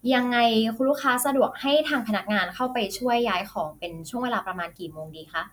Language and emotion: Thai, neutral